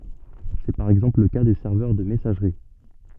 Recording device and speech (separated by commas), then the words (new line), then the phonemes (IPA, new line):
soft in-ear microphone, read sentence
C'est par exemple le cas des serveurs de messagerie.
sɛ paʁ ɛɡzɑ̃pl lə ka de sɛʁvœʁ də mɛsaʒʁi